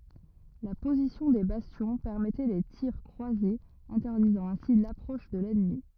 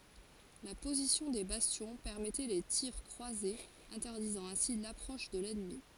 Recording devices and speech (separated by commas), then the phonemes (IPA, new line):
rigid in-ear microphone, forehead accelerometer, read sentence
la pozisjɔ̃ de bastjɔ̃ pɛʁmɛtɛ le tiʁ kʁwazez ɛ̃tɛʁdizɑ̃ ɛ̃si lapʁɔʃ də lɛnmi